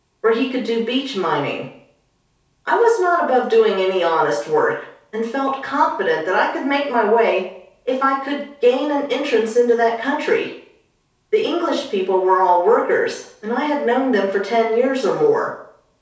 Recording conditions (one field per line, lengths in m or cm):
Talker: one person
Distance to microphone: 3.0 m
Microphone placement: far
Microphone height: 1.8 m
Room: small (3.7 m by 2.7 m)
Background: none